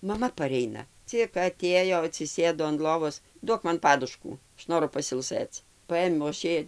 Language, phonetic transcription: Lithuanian, maˈma paˈreina ˈcik aˈtėjo atsiˈsėdo an ˈlovos ˈduok ˈman ˈpaduškų ˈaš ˈnoru pasilˈsɘc ˈpaėmiau aš ˈjai

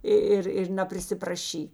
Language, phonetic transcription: Lithuanian, i ˈir ir naprisipraˈšy

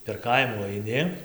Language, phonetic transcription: Lithuanian, per ˈkaimų aiˈni

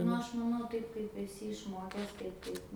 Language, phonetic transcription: Lithuanian, ˈnu ˈaš maˈnau ˈtaip kaip eˈsi išˈmokes tai ˈtaip

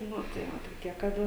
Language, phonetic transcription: Lithuanian, ˈnu tai ˈva toˈkie kaˈda

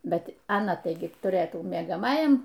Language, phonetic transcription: Lithuanian, ˈbet aˈna ˈtaigi tuˈrɘtų miegaˈmajam

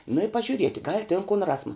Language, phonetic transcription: Lithuanian, nu i pažiuˈrieti gal' tin kun ˈrasma

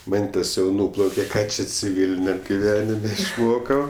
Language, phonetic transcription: Lithuanian, ˈmentės' jau ˈnūplauke ˈką čia ciˈvyliniam giˈvenime išˈmokau

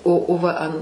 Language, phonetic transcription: Lithuanian, o o ˈva an

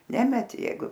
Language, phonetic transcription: Lithuanian, ˈnemeti ˈjeigu

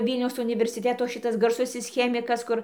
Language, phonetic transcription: Lithuanian, ˈvylniaus universiˈteto ˈšitas garˈsusis ˈchemikas ˈkur

